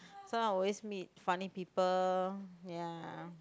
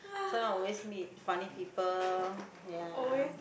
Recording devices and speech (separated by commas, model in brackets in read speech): close-talking microphone, boundary microphone, conversation in the same room